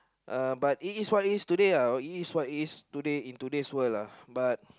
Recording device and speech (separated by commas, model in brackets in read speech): close-talking microphone, conversation in the same room